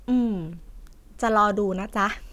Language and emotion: Thai, frustrated